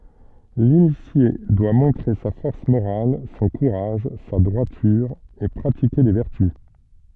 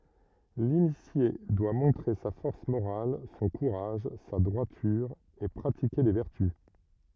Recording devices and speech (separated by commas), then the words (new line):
soft in-ear microphone, rigid in-ear microphone, read sentence
L'initié doit montrer sa force morale, son courage, sa droiture et pratiquer les vertus.